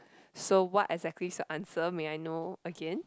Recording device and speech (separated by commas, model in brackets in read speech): close-talking microphone, conversation in the same room